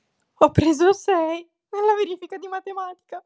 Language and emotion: Italian, sad